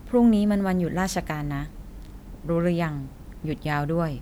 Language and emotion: Thai, neutral